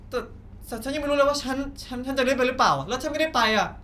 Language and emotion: Thai, frustrated